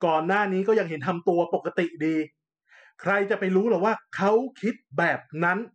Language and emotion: Thai, angry